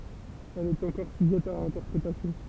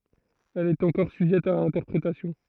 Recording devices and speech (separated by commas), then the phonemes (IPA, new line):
temple vibration pickup, throat microphone, read sentence
ɛl ɛt ɑ̃kɔʁ syʒɛt a ɛ̃tɛʁpʁetasjɔ̃